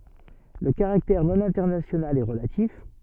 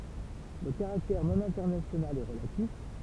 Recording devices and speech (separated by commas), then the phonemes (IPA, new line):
soft in-ear microphone, temple vibration pickup, read sentence
lə kaʁaktɛʁ nonɛ̃tɛʁnasjonal ɛ ʁəlatif